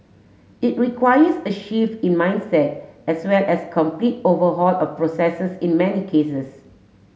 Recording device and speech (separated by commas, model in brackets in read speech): mobile phone (Samsung S8), read sentence